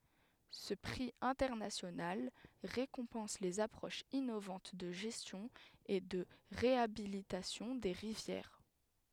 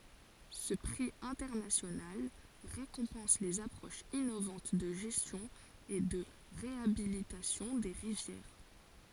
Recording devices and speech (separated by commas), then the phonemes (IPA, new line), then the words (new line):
headset microphone, forehead accelerometer, read sentence
sə pʁi ɛ̃tɛʁnasjonal ʁekɔ̃pɑ̃s lez apʁoʃz inovɑ̃t də ʒɛstjɔ̃ e də ʁeabilitasjɔ̃ de ʁivjɛʁ
Ce prix international récompense les approches innovantes de gestion et de réhabilitation des rivières.